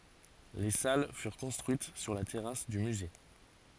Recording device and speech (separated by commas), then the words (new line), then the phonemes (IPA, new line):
forehead accelerometer, read sentence
Les salles furent construites sur la terrasse du musée.
le sal fyʁ kɔ̃stʁyit syʁ la tɛʁas dy myze